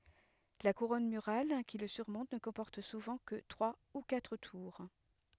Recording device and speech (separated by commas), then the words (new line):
headset microphone, read sentence
La couronne murale qui le surmonte ne comporte souvent que trois ou quatre tours.